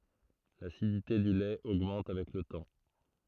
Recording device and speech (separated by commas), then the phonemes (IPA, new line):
throat microphone, read sentence
lasidite dy lɛt oɡmɑ̃t avɛk lə tɑ̃